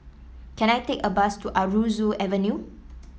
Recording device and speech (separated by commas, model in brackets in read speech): mobile phone (iPhone 7), read sentence